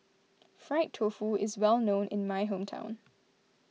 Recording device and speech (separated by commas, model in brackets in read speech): mobile phone (iPhone 6), read sentence